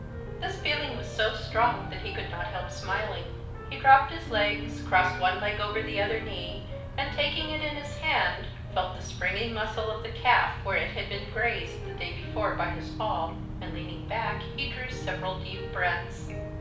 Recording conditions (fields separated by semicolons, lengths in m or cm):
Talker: one person; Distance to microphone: 5.8 m; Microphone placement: far; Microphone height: 1.8 m; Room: medium-sized (5.7 m by 4.0 m); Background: music